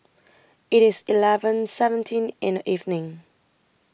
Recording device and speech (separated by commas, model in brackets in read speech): boundary microphone (BM630), read sentence